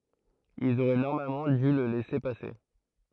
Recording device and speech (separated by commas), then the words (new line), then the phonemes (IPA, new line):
throat microphone, read sentence
Ils auraient normalement dû le laisser passer.
ilz oʁɛ nɔʁmalmɑ̃ dy lə lɛse pase